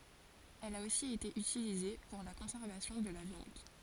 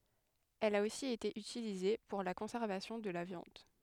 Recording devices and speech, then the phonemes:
forehead accelerometer, headset microphone, read sentence
ɛl a osi ete ytilize puʁ la kɔ̃sɛʁvasjɔ̃ də la vjɑ̃d

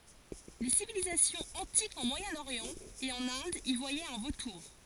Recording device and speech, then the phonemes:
forehead accelerometer, read sentence
le sivilizasjɔ̃z ɑ̃tikz ɑ̃ mwajɛ̃oʁjɑ̃ e ɑ̃n ɛ̃d i vwajɛt œ̃ votuʁ

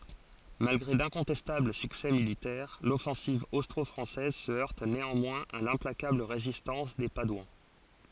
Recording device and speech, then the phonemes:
forehead accelerometer, read sentence
malɡʁe dɛ̃kɔ̃tɛstabl syksɛ militɛʁ lɔfɑ̃siv ostʁɔfʁɑ̃sɛz sə œʁt neɑ̃mwɛ̃z a lɛ̃plakabl ʁezistɑ̃s de padwɑ̃

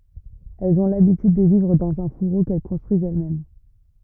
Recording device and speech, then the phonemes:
rigid in-ear microphone, read sentence
ɛlz ɔ̃ labityd də vivʁ dɑ̃z œ̃ fuʁo kɛl kɔ̃stʁyizt ɛlɛsmɛm

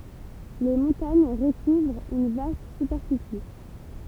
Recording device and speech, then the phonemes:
temple vibration pickup, read sentence
le mɔ̃taɲ ʁəkuvʁt yn vast sypɛʁfisi

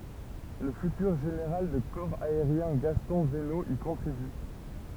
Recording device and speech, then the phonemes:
temple vibration pickup, read sentence
lə fytyʁ ʒeneʁal də kɔʁ aeʁjɛ̃ ɡastɔ̃ vəno i kɔ̃tʁiby

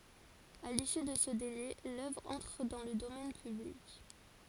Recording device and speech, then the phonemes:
forehead accelerometer, read sentence
a lisy də sə dele lœvʁ ɑ̃tʁ dɑ̃ lə domɛn pyblik

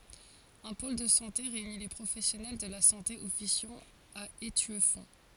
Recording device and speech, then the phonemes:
forehead accelerometer, read sentence
œ̃ pol də sɑ̃te ʁeyni le pʁofɛsjɔnɛl də la sɑ̃te ɔfisjɑ̃ a etyɛfɔ̃

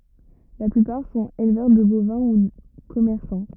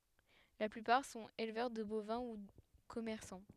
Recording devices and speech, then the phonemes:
rigid in-ear microphone, headset microphone, read sentence
la plypaʁ sɔ̃t elvœʁ də bovɛ̃ u kɔmɛʁsɑ̃

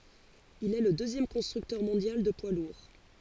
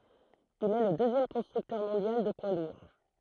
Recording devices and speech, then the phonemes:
forehead accelerometer, throat microphone, read sentence
il ɛ lə døzjɛm kɔ̃stʁyktœʁ mɔ̃djal də pwa luʁ

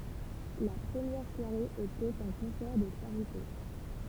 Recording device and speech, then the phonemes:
temple vibration pickup, read sentence
la pʁəmjɛʁ swaʁe etɛt œ̃ kɔ̃sɛʁ də ʃaʁite

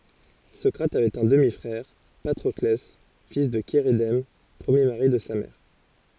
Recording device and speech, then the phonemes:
forehead accelerometer, read sentence
sɔkʁat avɛt œ̃ dəmi fʁɛʁ patʁɔklɛ fil də ʃeʁedɛm pʁəmje maʁi də sa mɛʁ

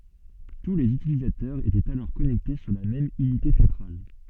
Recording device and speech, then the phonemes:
soft in-ear microphone, read sentence
tu lez ytilizatœʁz etɛt alɔʁ kɔnɛkte syʁ la mɛm ynite sɑ̃tʁal

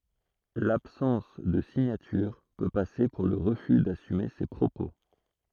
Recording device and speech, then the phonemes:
throat microphone, read sentence
labsɑ̃s də siɲatyʁ pø pase puʁ lə ʁəfy dasyme se pʁopo

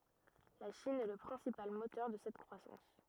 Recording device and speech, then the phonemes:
rigid in-ear microphone, read sentence
la ʃin ɛ lə pʁɛ̃sipal motœʁ də sɛt kʁwasɑ̃s

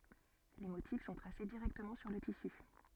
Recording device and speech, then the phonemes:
soft in-ear microphone, read sentence
le motif sɔ̃ tʁase diʁɛktəmɑ̃ syʁ lə tisy

